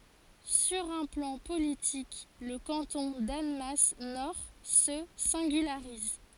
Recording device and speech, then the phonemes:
forehead accelerometer, read sentence
syʁ œ̃ plɑ̃ politik lə kɑ̃tɔ̃ danmas nɔʁ sə sɛ̃ɡylaʁiz

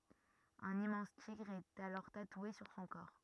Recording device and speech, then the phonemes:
rigid in-ear microphone, read sentence
œ̃n immɑ̃s tiɡʁ ɛt alɔʁ tatwe syʁ sɔ̃ kɔʁ

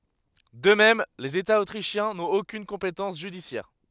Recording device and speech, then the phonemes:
headset microphone, read sentence
də mɛm lez etaz otʁiʃjɛ̃ nɔ̃t okyn kɔ̃petɑ̃s ʒydisjɛʁ

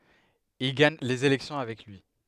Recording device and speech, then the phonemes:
headset microphone, read sentence
il ɡaɲ lez elɛksjɔ̃ avɛk lyi

